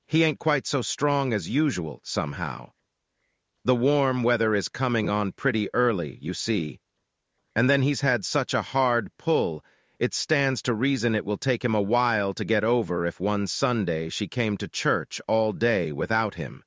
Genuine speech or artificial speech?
artificial